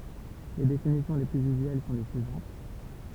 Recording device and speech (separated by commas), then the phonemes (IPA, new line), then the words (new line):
temple vibration pickup, read sentence
le definisjɔ̃ le plyz yzyɛl sɔ̃ le syivɑ̃t
Les définitions les plus usuelles sont les suivantes.